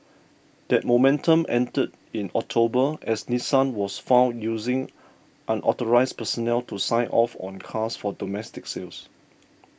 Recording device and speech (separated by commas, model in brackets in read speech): boundary microphone (BM630), read sentence